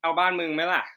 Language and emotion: Thai, neutral